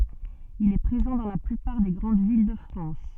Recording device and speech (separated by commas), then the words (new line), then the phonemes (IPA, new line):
soft in-ear microphone, read sentence
Il est présent dans la plupart des grandes villes de France.
il ɛ pʁezɑ̃ dɑ̃ la plypaʁ de ɡʁɑ̃d vil də fʁɑ̃s